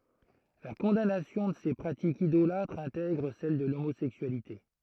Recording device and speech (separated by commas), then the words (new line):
throat microphone, read sentence
La condamnation de ces pratiques idolâtres intègre celle de l'homosexualité.